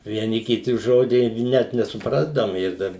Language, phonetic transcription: Lithuanian, vieˈni kiˈti ˈžodį ˈnet nesuˈprasdavom ˈir dar

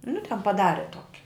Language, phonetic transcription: Lithuanian, nu ten paˈdare ˈtoki

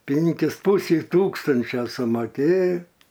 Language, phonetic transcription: Lithuanian, ˈpinkis ˈpusei ˈtūkstančio sumaˈkėjo

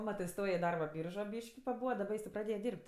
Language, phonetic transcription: Lithuanian, ˈmatɜ iˈstoja i ˈdarba ˈbyržo ˈbyški paˈbūva daˈba jis tė praˈdėja ˈdyrb't'

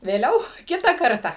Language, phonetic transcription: Lithuanian, vėˈliau ˈkita ˈkarta

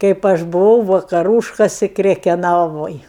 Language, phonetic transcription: Lithuanian, kaip ˈaš buˈvau vakaˈrūškasi krekeˈnavoj

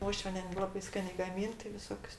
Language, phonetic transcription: Lithuanian, ˈuošviene ˈlabai ˈskanė gaˈmin tai viˈsokius

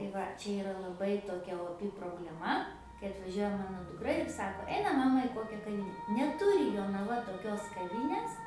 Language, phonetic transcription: Lithuanian, tai ˈva ˈčia iˈra laˈbai toˈkia oˈpi probleˈma kai atvaˈžiuoja ˈmano dukˈra ir ˈsako ˈeinam ˈmama i ˈkokia kaˈvyne neˈturi jonaˈva toˈkios kaˈvynės

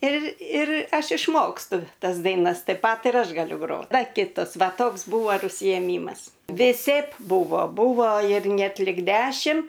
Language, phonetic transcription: Lithuanian, ir ir ˈaš išˈmokstu ˈtas daiˈnas taip ˈpat ir ˈaš gaˈliu ˈgrot ˈda ˈkitas ˈva ˈtoks ˈbūvo ir užsijeˈmymas viˈseip ˈbūvo ˈbūvo ir ˈnet lig ˈdešim

